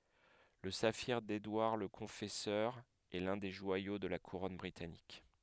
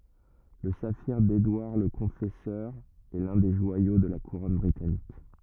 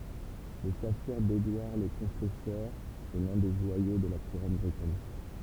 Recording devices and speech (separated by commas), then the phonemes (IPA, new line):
headset microphone, rigid in-ear microphone, temple vibration pickup, read sentence
lə safiʁ dedwaʁ lə kɔ̃fɛsœʁ ɛ lœ̃ de ʒwajo də la kuʁɔn bʁitanik